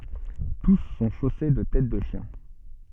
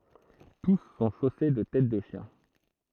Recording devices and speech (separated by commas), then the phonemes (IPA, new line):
soft in-ear microphone, throat microphone, read sentence
tus sɔ̃ ʃose də tɛt də ʃjɛ̃